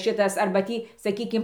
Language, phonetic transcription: Lithuanian, ˈšitas ˈarba ˈtį saˈkykim

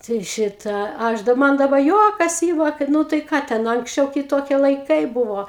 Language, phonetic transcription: Lithuanian, tai ˈšitą ˈaš dab ˈman daˈba ˈjuokas ˈyma kad ˈnu tai ˈką ten anksˈčiau kiˈtokie laiˈkai ˈbuvo

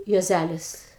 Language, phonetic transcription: Lithuanian, juoˈzælis

